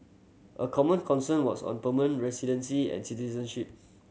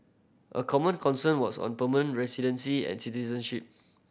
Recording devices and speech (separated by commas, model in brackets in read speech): mobile phone (Samsung C7100), boundary microphone (BM630), read sentence